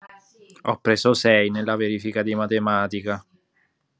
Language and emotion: Italian, sad